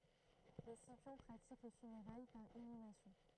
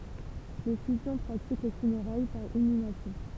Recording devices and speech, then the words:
throat microphone, temple vibration pickup, read sentence
Les Scipions pratiquent les funérailles par inhumation.

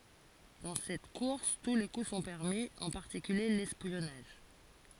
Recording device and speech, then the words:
forehead accelerometer, read sentence
Dans cette course tous les coups sont permis, en particulier l'espionnage.

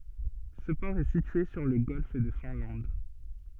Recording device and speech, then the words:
soft in-ear microphone, read sentence
Ce port est situé sur le Golfe de Finlande.

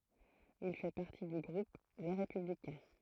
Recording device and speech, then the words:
throat microphone, read sentence
Il fait partie du groupe Les Républicains.

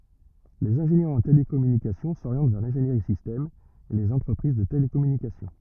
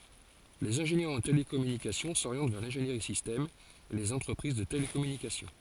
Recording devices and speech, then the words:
rigid in-ear microphone, forehead accelerometer, read sentence
Les ingénieurs en télécommunications s'orientent vers l'ingénierie système et les entreprises de télécommunications.

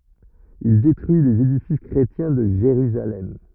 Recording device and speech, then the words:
rigid in-ear microphone, read sentence
Il détruit les édifices chrétiens de Jérusalem.

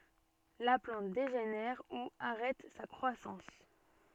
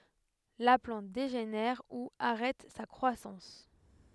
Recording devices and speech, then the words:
soft in-ear microphone, headset microphone, read sentence
La plante dégénère ou arrête sa croissance.

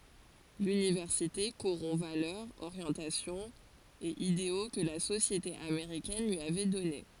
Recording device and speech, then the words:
forehead accelerometer, read sentence
L'université corrompt valeurs, orientations et idéaux que la société américaine lui avait données.

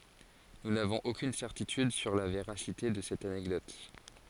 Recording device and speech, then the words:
forehead accelerometer, read sentence
Nous n'avons aucune certitude sur la véracité de cette anecdote.

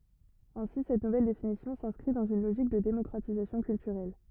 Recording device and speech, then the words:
rigid in-ear microphone, read sentence
Ainsi cette nouvelle définition s'inscrit dans une logique de démocratisation culturelle.

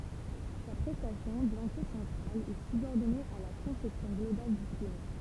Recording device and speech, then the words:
temple vibration pickup, read sentence
Sa prestation, bien que centrale, est subordonnée à la conception globale du film.

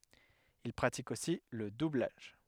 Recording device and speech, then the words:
headset microphone, read sentence
Il pratique aussi le doublage.

